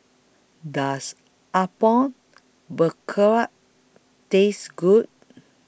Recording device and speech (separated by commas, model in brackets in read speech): boundary microphone (BM630), read sentence